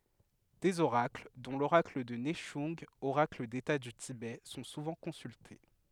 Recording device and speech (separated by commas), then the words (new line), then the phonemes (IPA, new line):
headset microphone, read sentence
Des oracles, dont l'oracle de Nechung, oracle d'État du Tibet, sont souvent consultés.
dez oʁakl dɔ̃ loʁakl də nɛʃœ̃ɡ oʁakl deta dy tibɛ sɔ̃ suvɑ̃ kɔ̃sylte